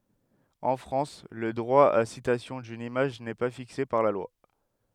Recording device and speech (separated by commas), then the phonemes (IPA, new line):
headset microphone, read sentence
ɑ̃ fʁɑ̃s lə dʁwa a sitasjɔ̃ dyn imaʒ nɛ pa fikse paʁ la lwa